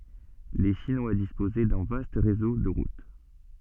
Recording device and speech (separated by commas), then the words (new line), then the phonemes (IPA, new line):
soft in-ear microphone, read sentence
Les Chinois disposaient d'un vaste réseau de routes.
le ʃinwa dispozɛ dœ̃ vast ʁezo də ʁut